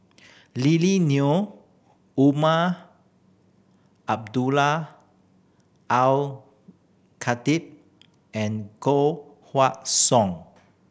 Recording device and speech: boundary microphone (BM630), read sentence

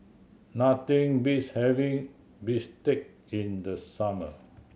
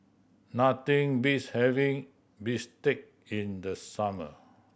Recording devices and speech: mobile phone (Samsung C7100), boundary microphone (BM630), read sentence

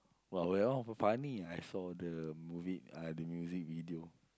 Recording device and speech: close-talking microphone, conversation in the same room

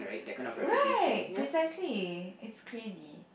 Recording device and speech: boundary microphone, conversation in the same room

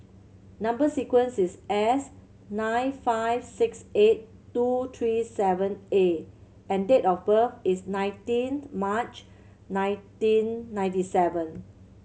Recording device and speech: mobile phone (Samsung C7100), read sentence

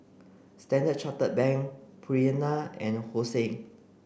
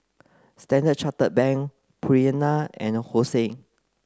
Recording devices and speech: boundary microphone (BM630), close-talking microphone (WH30), read sentence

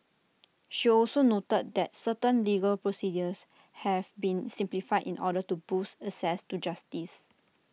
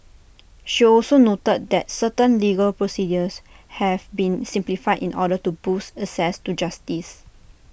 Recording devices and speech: mobile phone (iPhone 6), boundary microphone (BM630), read sentence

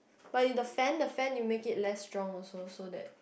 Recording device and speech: boundary microphone, conversation in the same room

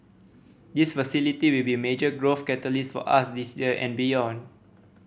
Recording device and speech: boundary microphone (BM630), read sentence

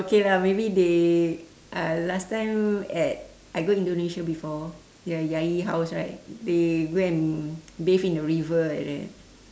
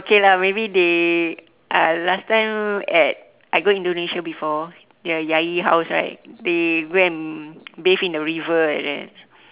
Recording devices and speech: standing microphone, telephone, conversation in separate rooms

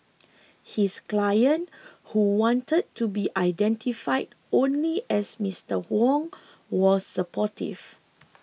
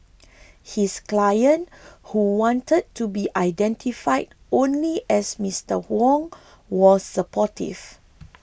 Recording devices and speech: mobile phone (iPhone 6), boundary microphone (BM630), read sentence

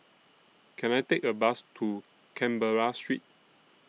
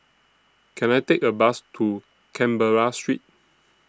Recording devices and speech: mobile phone (iPhone 6), standing microphone (AKG C214), read sentence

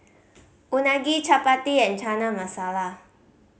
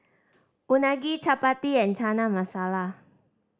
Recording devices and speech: mobile phone (Samsung C5010), standing microphone (AKG C214), read sentence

